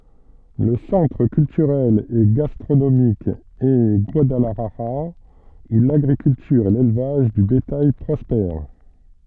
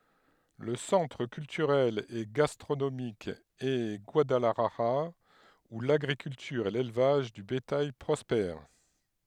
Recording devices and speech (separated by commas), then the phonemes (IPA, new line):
soft in-ear microphone, headset microphone, read sentence
lə sɑ̃tʁ kyltyʁɛl e ɡastʁonomik ɛ ɡwadalaʒaʁa u laɡʁikyltyʁ e lelvaʒ də betaj pʁɔspɛʁ